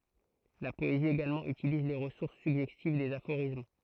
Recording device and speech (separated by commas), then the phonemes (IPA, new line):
throat microphone, read sentence
la pɔezi eɡalmɑ̃ ytiliz le ʁəsuʁs syɡʒɛstiv dez afoʁism